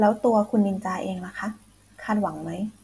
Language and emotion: Thai, neutral